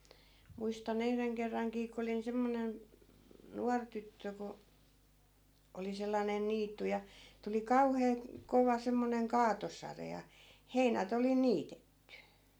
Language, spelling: Finnish, muistan yhden kerrankin kun olin semmoinen nuori tyttö kun oli sellainen niitty ja tuli kauhea kova semmoinen kaatosade ja heinät oli jo niitetty
- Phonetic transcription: 'muista'n ‿yhreŋ kerraŋkii ko 'olin 'semmonen , 'nuar tyttö ko , 'oli sellanen̆ 'niittu ja , tuli "kauhee , 'kova 'semmoneŋ "kaatosare ja , 'heinät ‿ol jo "niitetty .

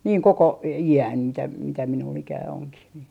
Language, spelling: Finnish, niin koko iän mitä mitä minulla ikää onkin niin
- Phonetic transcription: niiŋ 'koko , i₍än , mitä mitä minul'l ‿ikää 'oŋkih nii .

